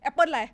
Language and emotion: Thai, neutral